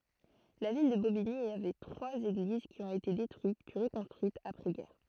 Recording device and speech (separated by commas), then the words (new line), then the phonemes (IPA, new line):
throat microphone, read sentence
La ville de Bobigny avait trois églises qui ont été détruites, puis reconstruites après-guerre.
la vil də bobiɲi avɛ tʁwaz eɡliz ki ɔ̃t ete detʁyit pyi ʁəkɔ̃stʁyitz apʁɛzɡɛʁ